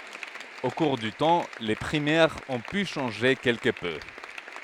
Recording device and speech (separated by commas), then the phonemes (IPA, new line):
headset microphone, read sentence
o kuʁ dy tɑ̃ le pʁimɛʁz ɔ̃ py ʃɑ̃ʒe kɛlkə pø